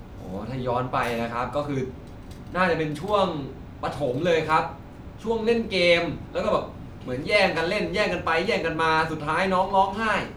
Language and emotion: Thai, neutral